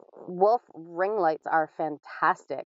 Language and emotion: English, disgusted